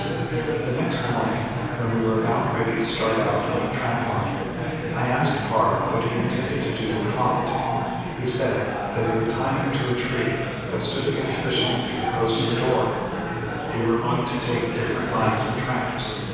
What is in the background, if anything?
Crowd babble.